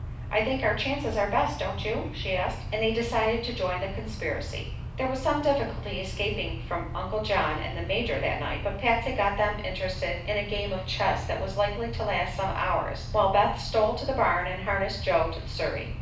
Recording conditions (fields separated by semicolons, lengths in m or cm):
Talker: one person; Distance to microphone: 5.8 m; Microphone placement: far; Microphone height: 1.8 m; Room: medium-sized (5.7 m by 4.0 m); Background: none